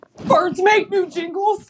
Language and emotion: English, fearful